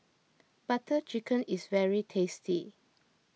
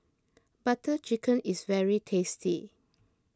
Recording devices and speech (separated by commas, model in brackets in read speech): mobile phone (iPhone 6), close-talking microphone (WH20), read sentence